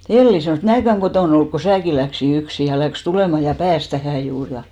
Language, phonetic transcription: Finnish, 'Elli sanòs » "mnääkäŋ 'ɢotòn ‿olluk ko 'sääkin̬ läksi 'yksi « ja läks 'tulèma ja "pääs 'tähä 'juur ja .
- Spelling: Elli sanoi minäkään kotona ollut kun sinäkin lähdit yksin ja lähti tulemaan ja pääsi tähän juuri ja

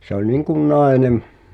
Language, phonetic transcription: Finnish, se ‿oĺ 'niŋkun "nàenem ,.
- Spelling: se oli niin kuin nainen

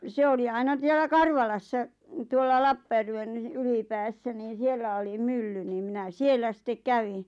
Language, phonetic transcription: Finnish, 'se oli 'aina ˢiellä "Karvalassa' 'tuolla "Lappajärven , 'Ylipäässä niin̬ 'siellä oli "mylly niim 'minä "siellä sittek "kävi .
- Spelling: se oli aina siellä Karvalassa tuolla Lappajärven Ylipäässä niin siellä oli mylly niin minä siellä sitten kävin

